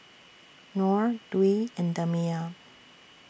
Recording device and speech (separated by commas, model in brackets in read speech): boundary microphone (BM630), read sentence